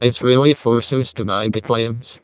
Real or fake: fake